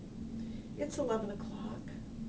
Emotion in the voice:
neutral